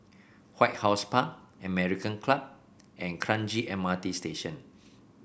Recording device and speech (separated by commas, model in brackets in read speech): boundary microphone (BM630), read sentence